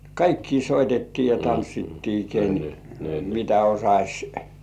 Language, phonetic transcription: Finnish, kaikkii 'soitettii ja 'tanssittii ken , mitä 'osaś , "soittŏà .
- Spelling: kaikkia soitettiin ja tanssittiin ken mitä osasi soittaa

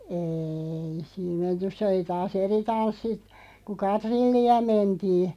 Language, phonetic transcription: Finnish, êi sii(m mentys) 'se oli taas "eri 'tanssi , ku "katrilli₍a 'mentii .
- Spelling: ei siinä menty se oli taas eri tanssi kun katrillia mentiin

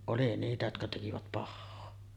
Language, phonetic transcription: Finnish, oli niitä jotka tekivät 'pahhoo .
- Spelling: oli niitä jotka tekivät pahaa

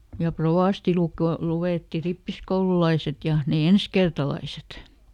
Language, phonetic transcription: Finnish, ja "provàsti luk- , ˈluwètti ˈrippiskoululaiset ja , ne "enskertalaiset .
- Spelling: ja rovasti - luetti rippikoululaiset ja ne ensikertalaiset

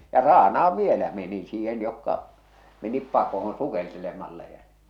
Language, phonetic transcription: Finnish, ja 'raana₍av 'vielä meni siihen̳ jokka , menip 'pakohon , 'sukeltelemalla ja .
- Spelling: ja raanaan vielä meni siihen jotka menivät pakoon sukeltelemalla ja

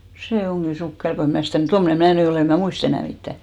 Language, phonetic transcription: Finnish, 'sè 'oŋɢi 'sukkel ko em 'mnä̀ stä̀ mᵘ- , 'tommᵒne "mää ny 'olè , em mä̀ "muist ‿enä̀ 'mittä̀ .
- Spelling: se onkin sukkela kun en minä sitä - tuommoinen minä nyt olen en minä muista enää mitään

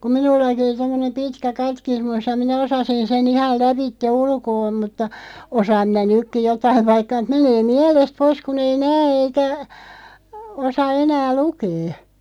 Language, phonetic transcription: Finnish, kum 'minullaki (oli) tommonem "pitkä 'katkismus ja 'minä 'osasin sen 'ihal 'läpitte "ulkoo mutta , 'osaam minä 'nykki "jotaiv vaikka , 'menee "miɛlest 'pois 'kun ‿ei "nää eikä , 'osa 'enää "lukee .
- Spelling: kun minullakin oli tuommoinen pitkä katekismus ja minä osasin sen ihan lävitse ulkoa mutta osaan minä nytkin jotakin vaikka menee mielestä pois kun ei näe eikä osaa enää lukea

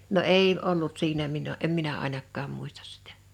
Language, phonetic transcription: Finnish, no "èi ollut 'siinä minə , 'em minä 'àinakkaam muistas sitᴀ̈ .
- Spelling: no ei ollut siinä minä en minä ainakaan muista sitä

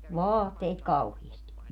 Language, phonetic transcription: Finnish, "vaaatteit 'kauhiisti .
- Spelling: vaatteita kauheasti

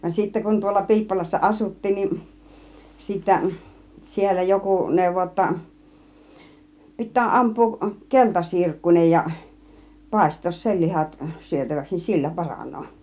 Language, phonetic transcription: Finnish, van sittä kun tuolla 'Pi̬ippolassa "ˀasut̀tiin niin , 'sittä , 'siellä 'joku 'nèuvo (j)otta , 'pit̆tää 'amp̆puuk "kelta 'sirkkun͕ej ja , 'pàist̆toos "sel 'lihat syötäväks nin "sillä 'paraǹoo .
- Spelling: vaan sitten kun tuolla Piippolassa asuttiin niin sitten siellä joku neuvoi jotta pitää ampua - keltasirkkunen ja paistaa sen lihat syötäväksi niin sillä paranee

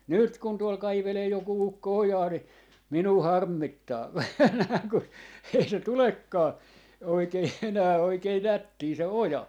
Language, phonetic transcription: Finnish, 'nỳt kun tuol 'kaivelee joku 'ukko "ojaa ni , 'minuu "harmmittaa aina kun , ei 'se "tulekkaa , 'oikei 'enää 'oikei "nättii se "oja .
- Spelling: nyt kun tuolla kaivelee joku ukko ojaa niin minua harmittaa aina kun ei se tulekaan oikein enää oikein nättiä se oja

